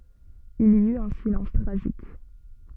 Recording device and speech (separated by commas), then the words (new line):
soft in-ear microphone, read sentence
Il y eut un silence tragique.